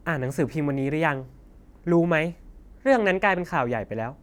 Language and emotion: Thai, frustrated